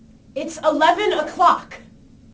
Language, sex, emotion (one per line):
English
female
angry